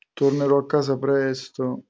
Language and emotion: Italian, sad